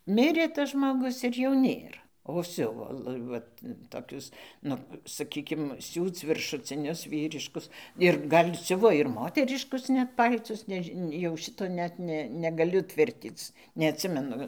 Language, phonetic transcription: Lithuanian, ˈmirė tas žmoˈgus ir jo ˈnėr o ˈsiuvo ˈvat toˈkius ˈnu saˈkykim ˈsiūc viršuciˈnius ˈvyriškus ir ˈgal' ˈsiuvo ir ˈmoteriškus ˈnet ˈpal'tus neˈži jau ˈšito ˈnet ne negaˈliu ˈtvirtyc neatˈsimenu

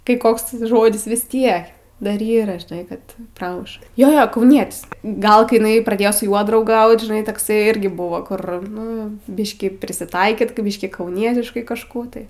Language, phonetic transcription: Lithuanian, kai ˈkoks ˈžodis vis ˈtiek ˈdar ˈyra žiˈnai ˈkad ˈpramuš ˈjo ˈjo kauˈnietis ˈgal kai iˈnai praˈdėjo su ˈjuo drauˈgaut žiˈnai takˈsai ˈirgi ˈbuvo ˈkur ˈnu ˈbiškį prisiˈtaikyt ka ˈbyškį kauˈnietiškai kažˈkų tai

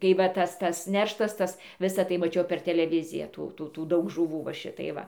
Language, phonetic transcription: Lithuanian, tai ˈva ˈtas ˈtas ˈnerštas ˈtas ˈvisa tai maˈčiau per teleˈviziją ˈtų ˈtų tų ˈdaug žuˈvų va ˈšitai ˈva

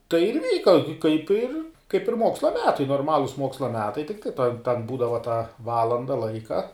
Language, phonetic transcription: Lithuanian, tai ir ˈvyka kaip ir kaip ir ˈmoksla ˈmetai norˈmalus ˈmoksla ˈmetai tikˈtai tan ˈbūdava tą ˈvalanda ˈlaika

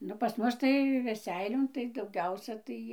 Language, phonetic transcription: Lithuanian, ˈnu pas ˈmus tai veˈseilion tai dauˈgiausia ˈtai

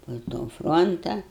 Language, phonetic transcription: Lithuanian, po to ˈfronta

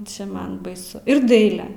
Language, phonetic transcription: Lithuanian, ˈčia ˈman baiˈsu ir ˈdaile

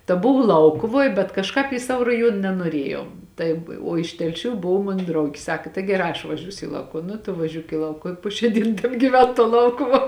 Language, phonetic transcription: Lithuanian, ta ˈbuvo ˈlaukuvoj bet kažˈkāp į ˈsavo raˈjuon nenuoˈriejau ˈtaip o iš telˈšių ˈbov ˈmon ˈdraugi ˈsaka tai geˈrā aš vaˈžiūsiu i ˈlaukuv ˈnu tu vaˈžiūk į ˈlaukuv i ˈpo šiā ˈdyn tebgyˈven tuo ˈlaukuvuo

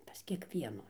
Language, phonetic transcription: Lithuanian, pas kiekˈvienų

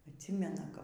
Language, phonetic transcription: Lithuanian, atˈsymena kap

